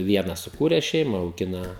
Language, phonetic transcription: Lithuanian, ˈvienas suˈkūres ˈšeima auˈgina

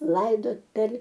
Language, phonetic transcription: Lithuanian, ˈlaidot per

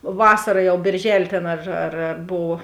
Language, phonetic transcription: Lithuanian, ˈvasara ˈjau bėrˈželė ˈtėn ar ar ar ˈbov

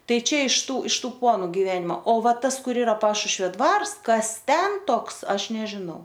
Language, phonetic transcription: Lithuanian, ˈtai ˈčia iš ˈtų iš ˈtų ˈponu giˈvenimo o ˈva ˈtas ˈkur ˈira ˈpašušvio ˈdvars ˈkas ˈten ˈtoks ˈaš nežiˈnau

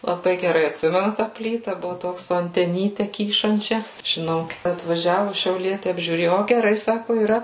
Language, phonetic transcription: Lithuanian, laˈbai geˈrai atˈsimenu tą ˈplyta ˈbuvu ˈtoks su anteˈnyte ˈkyšančia žiˈnau atvaˈžiavu šiauˈlieti apžiūˈrėju ˈo geˈrai ˈsaku yˈra

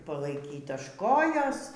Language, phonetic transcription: Lithuanian, palaiˈkyt až ˈkojos

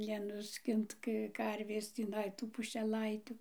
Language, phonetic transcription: Lithuanian, nenuˈskint ˈkə ˈkarvės tįˈnai ˈtų pušeˈlaitiu

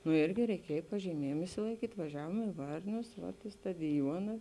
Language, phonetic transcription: Lithuanian, nu ˈyrgi reiˈkiej pažyˈmiejėm išsilaiˈkyt' vaˈžiavuom i ˈvarnius vat i stadiˈjuona

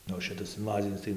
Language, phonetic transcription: Lithuanian, ˈnu o ˈšitas inˈvazinis tai

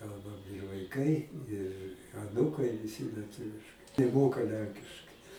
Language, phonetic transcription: Lithuanian, ˈkalbam ir vaiˈkai ir aˈnūkai viˈsi lieˈtuviškai neˈmoka ˈlenkiškai

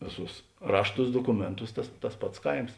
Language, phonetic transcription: Lithuanian, ˈvėˌsūs ˈrašˌtūs dokuˈmėnˌtūs ˈtas tas ˈpats ˈkaims

